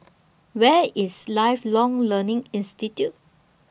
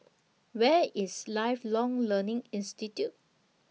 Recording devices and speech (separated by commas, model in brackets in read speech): boundary microphone (BM630), mobile phone (iPhone 6), read sentence